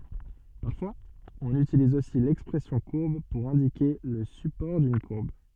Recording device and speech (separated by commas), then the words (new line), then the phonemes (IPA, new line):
soft in-ear microphone, read sentence
Parfois, on utilise aussi l'expression courbe pour indiquer le support d'une courbe.
paʁfwaz ɔ̃n ytiliz osi lɛkspʁɛsjɔ̃ kuʁb puʁ ɛ̃dike lə sypɔʁ dyn kuʁb